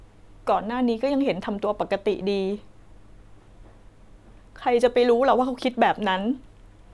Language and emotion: Thai, sad